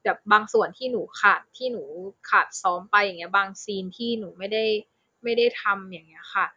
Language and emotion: Thai, frustrated